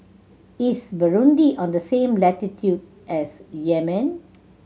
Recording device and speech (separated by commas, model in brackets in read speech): mobile phone (Samsung C7100), read sentence